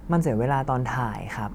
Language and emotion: Thai, frustrated